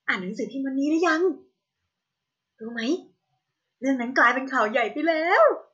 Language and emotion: Thai, happy